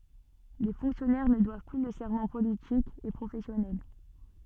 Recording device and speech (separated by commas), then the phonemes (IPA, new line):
soft in-ear microphone, read sentence
le fɔ̃ksjɔnɛʁ nə dwav ply lə sɛʁmɑ̃ politik e pʁofɛsjɔnɛl